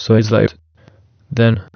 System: TTS, waveform concatenation